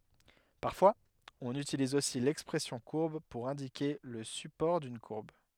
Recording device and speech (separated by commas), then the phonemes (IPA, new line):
headset microphone, read sentence
paʁfwaz ɔ̃n ytiliz osi lɛkspʁɛsjɔ̃ kuʁb puʁ ɛ̃dike lə sypɔʁ dyn kuʁb